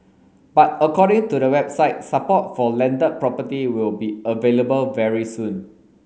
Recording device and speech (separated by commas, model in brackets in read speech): mobile phone (Samsung S8), read sentence